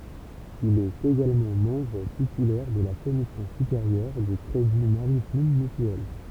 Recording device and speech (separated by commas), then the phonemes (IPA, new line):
temple vibration pickup, read sentence
il ɛt eɡalmɑ̃ mɑ̃bʁ titylɛʁ də la kɔmisjɔ̃ sypeʁjœʁ dy kʁedi maʁitim mytyɛl